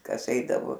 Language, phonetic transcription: Lithuanian, ˈkas ˈeidavo

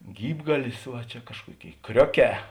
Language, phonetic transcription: Lithuanian, ˈgybgalis ˈva čia ˈkažkuoˌkėi ˈkrioˌkē

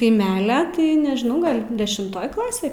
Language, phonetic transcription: Lithuanian, kaiˈmelia tai nežˈnau ˈgal' dešimˈtoj ˈklasė

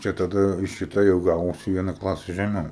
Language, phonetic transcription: Lithuanian, ˈčia taˈda šiˈta jau ˈgavosi vieˈna ˈklasi žeˈmiau

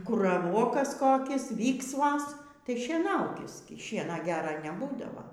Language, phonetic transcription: Lithuanian, ˈkur raˈvokas ˈkokis ˈvyksvas ˈtai šieˈnaukis gi ˈšiena ˈgera neˈbūdava

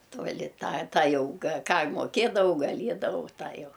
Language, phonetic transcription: Lithuanian, tuoˈli ˈtą ˈtą jau ga ˈką moˈkėdavau gaˈliedavau ˈtą jau

